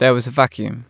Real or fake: real